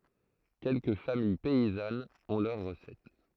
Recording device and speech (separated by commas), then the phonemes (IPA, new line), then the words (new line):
throat microphone, read sentence
kɛlkə famij pɛizanz ɔ̃ lœʁ ʁəsɛt
Quelques familles paysannes ont leur recette.